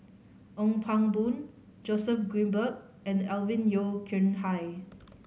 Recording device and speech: mobile phone (Samsung C5010), read sentence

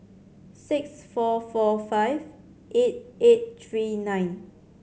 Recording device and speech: mobile phone (Samsung C7100), read sentence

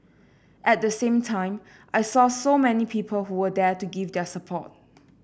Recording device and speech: boundary microphone (BM630), read sentence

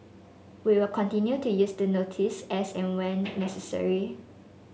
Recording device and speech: mobile phone (Samsung S8), read sentence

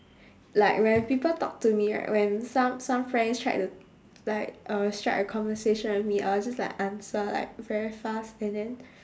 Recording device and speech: standing microphone, conversation in separate rooms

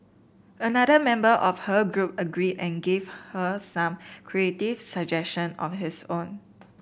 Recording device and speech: boundary microphone (BM630), read sentence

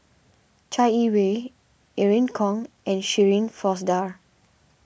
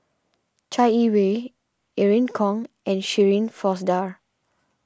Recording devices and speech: boundary microphone (BM630), standing microphone (AKG C214), read sentence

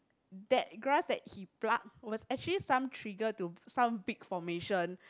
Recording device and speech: close-talking microphone, conversation in the same room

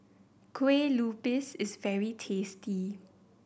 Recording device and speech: boundary microphone (BM630), read sentence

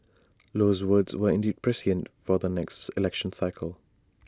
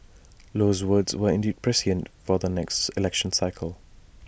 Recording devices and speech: standing microphone (AKG C214), boundary microphone (BM630), read sentence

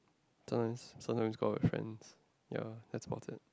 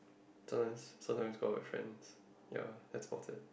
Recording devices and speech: close-talking microphone, boundary microphone, conversation in the same room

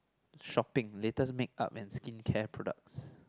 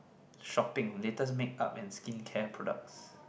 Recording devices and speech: close-talking microphone, boundary microphone, conversation in the same room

